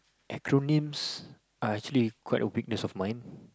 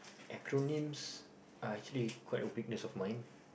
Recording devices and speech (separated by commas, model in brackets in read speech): close-talking microphone, boundary microphone, conversation in the same room